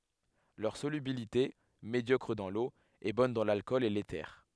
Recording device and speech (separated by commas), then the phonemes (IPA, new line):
headset microphone, read sentence
lœʁ solybilite medjɔkʁ dɑ̃ lo ɛ bɔn dɑ̃ lalkɔl e lete